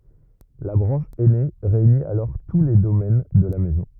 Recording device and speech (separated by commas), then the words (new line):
rigid in-ear microphone, read sentence
La branche aînée réunit alors tous les domaines de la Maison.